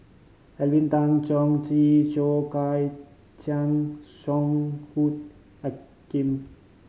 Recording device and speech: mobile phone (Samsung C5010), read sentence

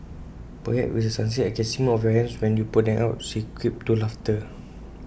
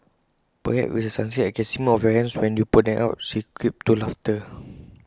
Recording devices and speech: boundary microphone (BM630), close-talking microphone (WH20), read sentence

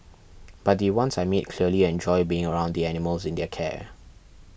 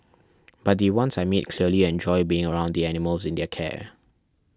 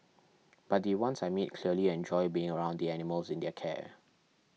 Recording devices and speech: boundary microphone (BM630), standing microphone (AKG C214), mobile phone (iPhone 6), read sentence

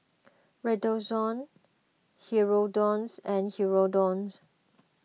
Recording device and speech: mobile phone (iPhone 6), read sentence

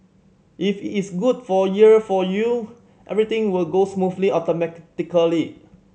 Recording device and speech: mobile phone (Samsung C7100), read sentence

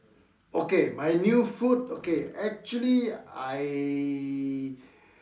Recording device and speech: standing microphone, conversation in separate rooms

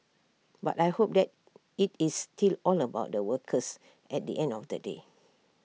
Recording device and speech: mobile phone (iPhone 6), read sentence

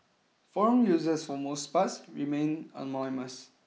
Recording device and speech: mobile phone (iPhone 6), read sentence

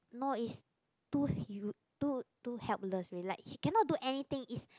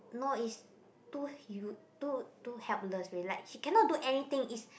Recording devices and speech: close-talking microphone, boundary microphone, conversation in the same room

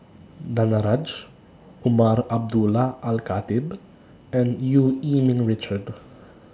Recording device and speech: standing microphone (AKG C214), read sentence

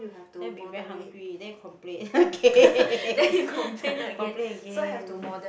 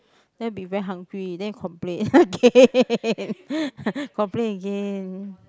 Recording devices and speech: boundary microphone, close-talking microphone, conversation in the same room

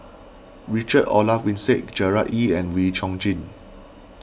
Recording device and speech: boundary microphone (BM630), read sentence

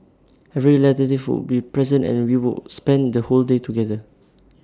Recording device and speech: standing microphone (AKG C214), read sentence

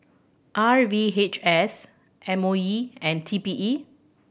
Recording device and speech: boundary microphone (BM630), read sentence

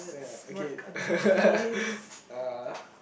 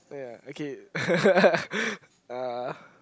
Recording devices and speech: boundary microphone, close-talking microphone, conversation in the same room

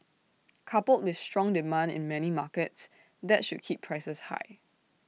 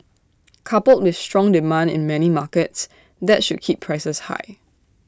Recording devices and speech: mobile phone (iPhone 6), standing microphone (AKG C214), read sentence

